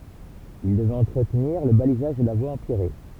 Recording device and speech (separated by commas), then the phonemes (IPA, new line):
temple vibration pickup, read sentence
il dəvɛt ɑ̃tʁətniʁ lə balizaʒ də la vwa ɑ̃pjɛʁe